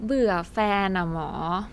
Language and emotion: Thai, frustrated